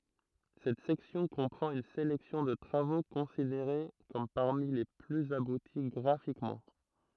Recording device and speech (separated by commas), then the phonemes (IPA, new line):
throat microphone, read sentence
sɛt sɛksjɔ̃ kɔ̃pʁɑ̃t yn selɛksjɔ̃ də tʁavo kɔ̃sideʁe kɔm paʁmi le plyz abuti ɡʁafikmɑ̃